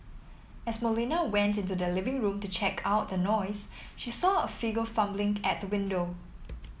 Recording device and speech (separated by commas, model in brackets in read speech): mobile phone (iPhone 7), read sentence